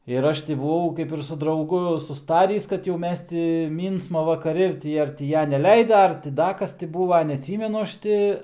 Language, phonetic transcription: Lithuanian, ir ˈaš ti buˈvau kaip ir su drauˈgu susˈtarįs kad jau ˈmes ti ˈmynsma vakaˈri ir ˈti ar ti ˈja neleida ar ti ˈda ˈkas ti ˈbūva neatˈsymenu ˈaš ti

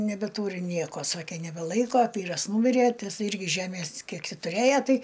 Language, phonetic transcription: Lithuanian, nebeˈtūri ˈnieko ˈsakė nebeˈlaiko ˈvyras ˈnūmirė tai ˈis ˈirgi ˈžemės ˈkiek ˈtį tuˈrėja ˈtai

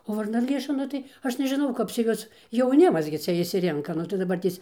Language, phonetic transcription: Lithuanian, o varnaˈlėša ˈnu tai ˈaš nežiˈnau ˈkap cia ˈjuos jauˈnimas gi ˈcia išsiˈrinka ˈnu tai daˈbartės

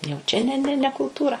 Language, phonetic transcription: Lithuanian, jau ˈčia ne ˈne ne kulˈtūra

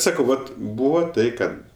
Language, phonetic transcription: Lithuanian, ˈsakau ˈvat ˈbūvo ˈtai ˈkad

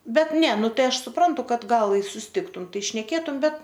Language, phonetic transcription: Lithuanian, bet ne nu ˈtai ˈaš suˈprantu ˈkad ˈgal i susiˈtiktum ˈtai šneˈkėtum ˈbet

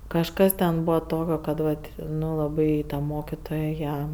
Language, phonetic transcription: Lithuanian, kažˈkas ten ˈbūva ˈtokio kad ˈvat ˈnu laˈbai ta ˈmokitoja ˈją

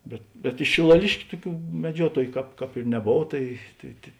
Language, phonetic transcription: Lithuanian, ˈbet bet iš šilaˈliškiu ˈtuˌkių meˈdžiuotoju ˈkāp ˈkāp ir neˈbov ˈtai tai tė

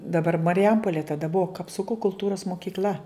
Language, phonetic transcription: Lithuanian, daˈbar mariˈjampolė taˈda ˈbuvo kapˈsuko kulˈtūros mokykˈl'a

